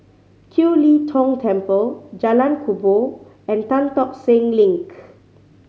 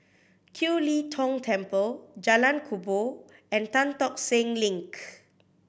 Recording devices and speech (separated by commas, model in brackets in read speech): mobile phone (Samsung C5010), boundary microphone (BM630), read sentence